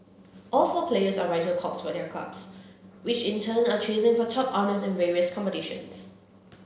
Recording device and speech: mobile phone (Samsung C7), read sentence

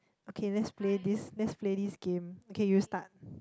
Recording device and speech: close-talking microphone, conversation in the same room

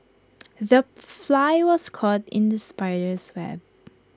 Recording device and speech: close-talking microphone (WH20), read sentence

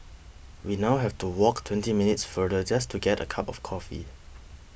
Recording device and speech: boundary microphone (BM630), read sentence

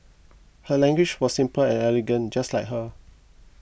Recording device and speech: boundary microphone (BM630), read sentence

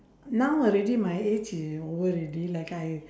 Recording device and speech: standing microphone, conversation in separate rooms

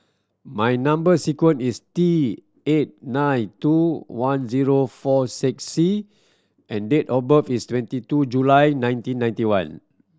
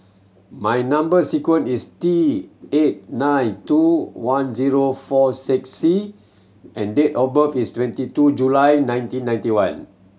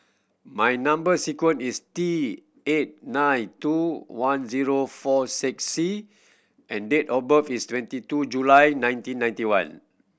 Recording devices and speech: standing microphone (AKG C214), mobile phone (Samsung C7100), boundary microphone (BM630), read sentence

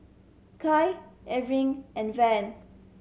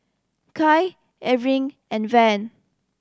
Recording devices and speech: mobile phone (Samsung C7100), standing microphone (AKG C214), read sentence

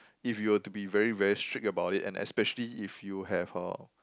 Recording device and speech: close-talking microphone, conversation in the same room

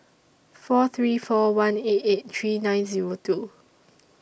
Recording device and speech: boundary microphone (BM630), read sentence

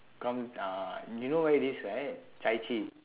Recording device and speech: telephone, conversation in separate rooms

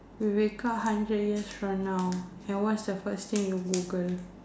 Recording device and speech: standing microphone, conversation in separate rooms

